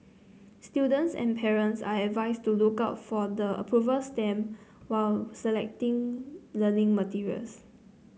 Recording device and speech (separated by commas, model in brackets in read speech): mobile phone (Samsung C9), read sentence